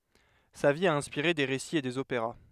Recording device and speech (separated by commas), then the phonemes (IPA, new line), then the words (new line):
headset microphone, read sentence
sa vi a ɛ̃spiʁe de ʁesiz e dez opeʁa
Sa vie a inspiré des récits et des opéras.